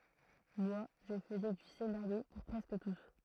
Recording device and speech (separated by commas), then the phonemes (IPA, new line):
throat microphone, read sentence
mwa ʒə fəzɛ dy senaʁjo puʁ pʁɛskə tus